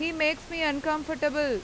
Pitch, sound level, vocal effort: 310 Hz, 92 dB SPL, very loud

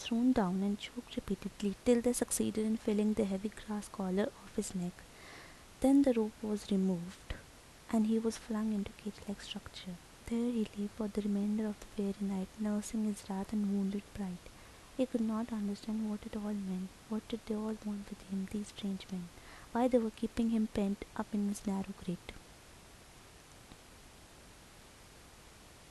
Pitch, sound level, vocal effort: 210 Hz, 73 dB SPL, soft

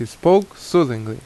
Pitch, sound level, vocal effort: 170 Hz, 82 dB SPL, loud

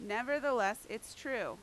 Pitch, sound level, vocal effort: 220 Hz, 91 dB SPL, very loud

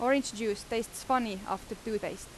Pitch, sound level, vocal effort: 225 Hz, 86 dB SPL, loud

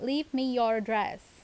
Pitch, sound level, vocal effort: 240 Hz, 86 dB SPL, loud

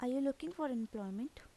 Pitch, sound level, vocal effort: 260 Hz, 81 dB SPL, soft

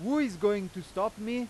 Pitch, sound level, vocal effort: 210 Hz, 98 dB SPL, very loud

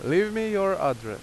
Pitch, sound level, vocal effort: 195 Hz, 91 dB SPL, very loud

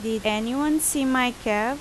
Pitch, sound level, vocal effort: 250 Hz, 85 dB SPL, loud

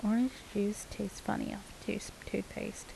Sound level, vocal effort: 74 dB SPL, soft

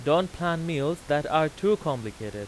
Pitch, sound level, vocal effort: 155 Hz, 94 dB SPL, very loud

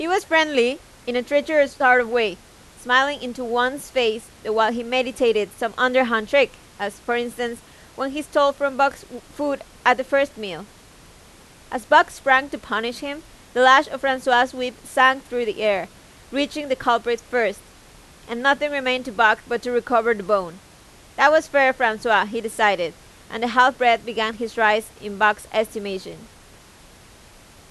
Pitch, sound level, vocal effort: 245 Hz, 92 dB SPL, very loud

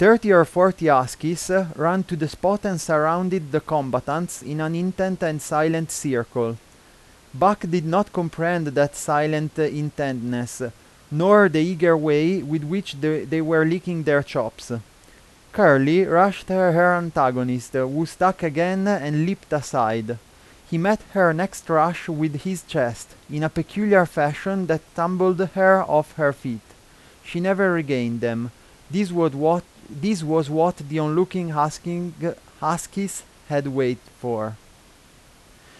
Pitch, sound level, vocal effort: 160 Hz, 89 dB SPL, loud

